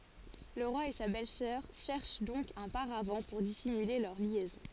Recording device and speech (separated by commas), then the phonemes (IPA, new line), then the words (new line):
forehead accelerometer, read sentence
lə ʁwa e sa bɛlzœʁ ʃɛʁʃ dɔ̃k œ̃ paʁav puʁ disimyle lœʁ ljɛzɔ̃
Le roi et sa belle-sœur cherchent donc un paravent pour dissimuler leur liaison.